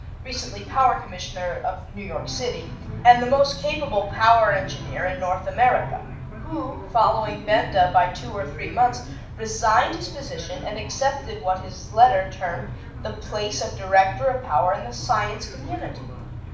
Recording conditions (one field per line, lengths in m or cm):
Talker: one person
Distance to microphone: 5.8 m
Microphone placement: far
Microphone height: 1.8 m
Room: medium-sized (5.7 m by 4.0 m)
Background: television